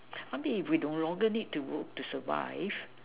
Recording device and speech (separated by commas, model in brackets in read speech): telephone, conversation in separate rooms